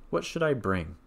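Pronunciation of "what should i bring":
The voice falls on 'bring'.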